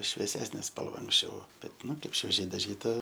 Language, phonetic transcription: Lithuanian, švieˈsesnė ˈspalva anksˈčiau bet ˈnu ˈkaip švieˈžiai daˈžyta

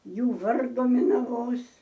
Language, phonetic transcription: Lithuanian, ˈjų ˈvardu minaˈvos

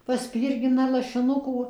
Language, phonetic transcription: Lithuanian, paˈspyrgina lašiˈnukų

